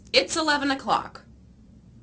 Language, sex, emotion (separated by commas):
English, female, neutral